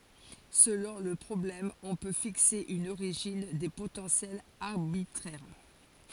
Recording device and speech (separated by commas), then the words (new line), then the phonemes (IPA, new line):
forehead accelerometer, read sentence
Selon le problème, on peut fixer une origine des potentiels arbitraire.
səlɔ̃ lə pʁɔblɛm ɔ̃ pø fikse yn oʁiʒin de potɑ̃sjɛlz aʁbitʁɛʁ